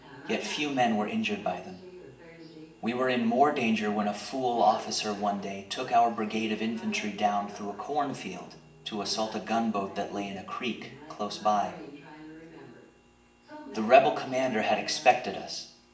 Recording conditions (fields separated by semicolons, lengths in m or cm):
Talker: one person; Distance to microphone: 1.8 m; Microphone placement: close; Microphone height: 1.0 m; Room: large; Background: television